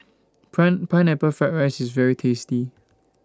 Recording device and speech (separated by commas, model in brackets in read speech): standing microphone (AKG C214), read sentence